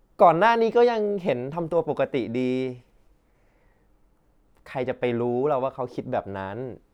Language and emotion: Thai, neutral